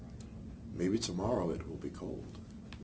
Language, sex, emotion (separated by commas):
English, male, neutral